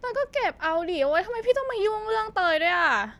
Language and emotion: Thai, frustrated